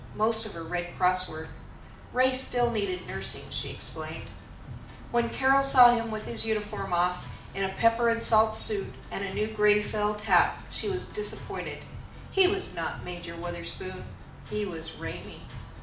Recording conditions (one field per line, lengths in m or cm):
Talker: one person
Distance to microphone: 2.0 m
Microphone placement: close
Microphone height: 99 cm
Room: medium-sized (5.7 m by 4.0 m)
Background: music